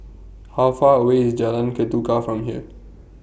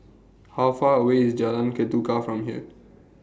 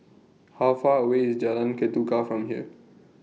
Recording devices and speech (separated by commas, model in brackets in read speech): boundary microphone (BM630), standing microphone (AKG C214), mobile phone (iPhone 6), read sentence